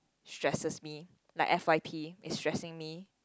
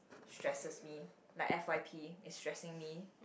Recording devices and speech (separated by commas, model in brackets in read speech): close-talking microphone, boundary microphone, conversation in the same room